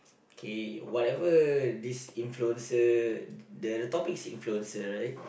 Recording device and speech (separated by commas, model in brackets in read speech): boundary microphone, conversation in the same room